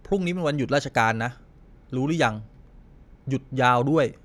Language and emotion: Thai, frustrated